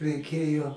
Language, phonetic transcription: Lithuanian, reiˈkėjo

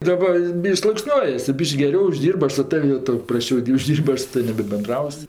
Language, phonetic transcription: Lithuanian, daˈba ˈbiš'k' sluokˈsniuojas tu ˈbyš'k' geˈriau užˈdyrbɜ ˈaš su ˈtav' jau ˈtau prasˈčiau di užˈdyr'b' ˈaš su ˈtavim nebebenˈdraus'

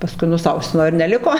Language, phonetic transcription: Lithuanian, paˈskui nuˈsausimo ir neˈliko

